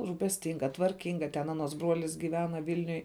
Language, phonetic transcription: Lithuanian, rūpesˈtinga tvarˈkinga ten ˈanˌuos ˈbruolis gyˈvena ˈvylniuj

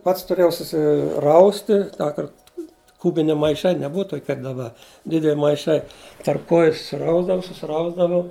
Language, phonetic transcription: Lithuanian, ˈpats tuˈrėjau susiˈrausti ˈtąkart ˈkubini maiˈšai neˈbuva ˈtoki kap daˈba ˈdidel' maiˈšai tarp kˈoju ˈrausdavau susiˈrausdavau

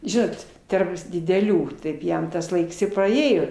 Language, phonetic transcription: Lithuanian, ˈžinot ˈtarp dideˈlių ˈtaip ˈjam tas ˈlaiks i paˈėjo

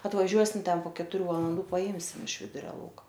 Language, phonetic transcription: Lithuanian, atvaˈžiuosim ˈten po ketuˈrių valanˈdų paˈimsim iš ˈviduria ˈlauka

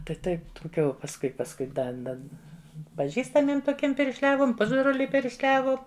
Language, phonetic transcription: Lithuanian, taip ˈtaip tuˈkių pasˈkui pasˈkui ˈda ˈda paˈžįstamiem toˈkiem piršˈliavom ˈpusbroliui piršˈliavom

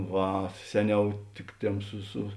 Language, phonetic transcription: Lithuanian, ˈva ˈseˌniau ˈtik ˌtėm ˈsu su

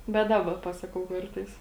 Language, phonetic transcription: Lithuanian, bet ˈdaba ˈpasakau ˈkartais

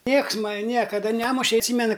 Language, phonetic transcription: Lithuanian, ˈnieks ˈmani ˈniekada ˈnemuše atˈsymenu

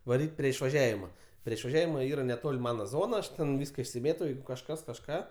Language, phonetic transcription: Lithuanian, vaˈryt' prie išvaˈžiavima prie išvaˈžiavima ˈyra neˈtol' ˈmana ˈzona ˈaš ˈten ˈvyska išsiˈmėto ˈjeigu kažˈkas kažˈką

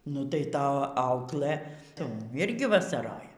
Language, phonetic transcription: Lithuanian, nu tai ˈta ˈauklɘ ˈtum ˈirgi vasaˈroja

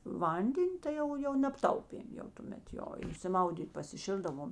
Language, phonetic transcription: Lithuanian, ˈvanden' ˈtai jau jau nebˈtaupėm jau tuˈmet ˈjo išsiˈmaudyt' pasiˈšildavom

